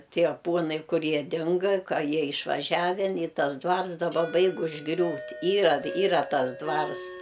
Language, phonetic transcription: Lithuanian, ˈtie ˈpuonai ˈkur ˈjie ˈdinga ˈka ˈjie išvaˈžiaven i ˈtas ˈdvars daˈba ˈbaig užˈgriūt' ˈyra ˈyra ˈtas ˈdvars

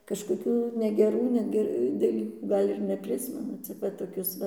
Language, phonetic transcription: Lithuanian, kažkoˈkių negeˈrų ˈnege daˈlykų ˈgal' ir neˈprismenu cik ˈva toˈkius ˈva

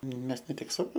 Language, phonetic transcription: Lithuanian, ˈmes ne ˈtik su ˈsavo

